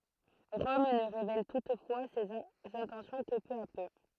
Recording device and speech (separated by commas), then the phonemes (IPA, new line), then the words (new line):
throat microphone, read sentence
ʁɔm nə ʁevɛl tutfwa sez ɛ̃tɑ̃sjɔ̃ kə pø a pø
Rome ne révèle toutefois ses intentions que peu à peu.